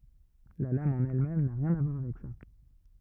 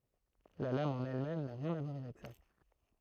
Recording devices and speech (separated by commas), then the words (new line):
rigid in-ear microphone, throat microphone, read sentence
La lame en elle-même n'a rien à voir avec ça.